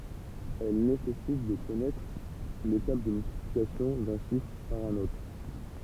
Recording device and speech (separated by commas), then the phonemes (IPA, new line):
temple vibration pickup, read sentence
ɛl nesɛsit də kɔnɛtʁ le tabl də myltiplikasjɔ̃ dœ̃ ʃifʁ paʁ œ̃n otʁ